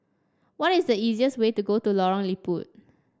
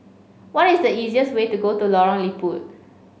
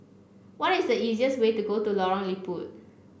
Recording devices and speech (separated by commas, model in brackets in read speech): standing microphone (AKG C214), mobile phone (Samsung C5), boundary microphone (BM630), read sentence